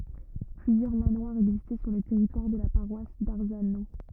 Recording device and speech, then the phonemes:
rigid in-ear microphone, read sentence
plyzjœʁ manwaʁz ɛɡzistɛ syʁ lə tɛʁitwaʁ də la paʁwas daʁzano

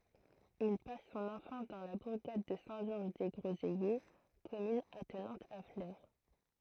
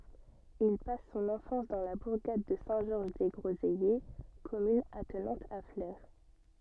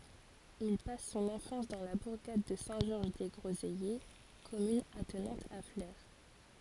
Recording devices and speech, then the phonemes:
throat microphone, soft in-ear microphone, forehead accelerometer, read sentence
il pas sɔ̃n ɑ̃fɑ̃s dɑ̃ la buʁɡad də sɛ̃ ʒɔʁʒ de ɡʁozɛje kɔmyn atnɑ̃t a fle

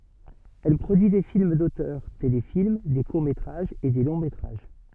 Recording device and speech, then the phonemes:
soft in-ear microphone, read sentence
ɛl pʁodyi de film dotœʁ telefilm de kuʁ metʁaʒz e de lɔ̃ metʁaʒ

